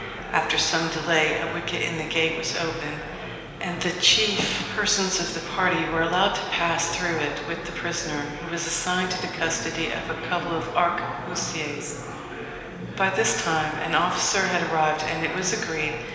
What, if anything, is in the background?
Crowd babble.